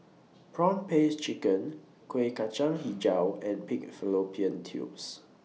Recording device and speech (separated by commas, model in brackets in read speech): mobile phone (iPhone 6), read sentence